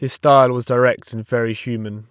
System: none